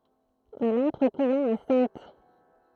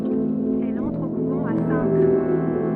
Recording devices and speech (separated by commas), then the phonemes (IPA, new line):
throat microphone, soft in-ear microphone, read sentence
ɛl ɑ̃tʁ o kuvɑ̃ a sɛ̃t